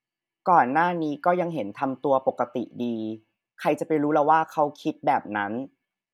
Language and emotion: Thai, frustrated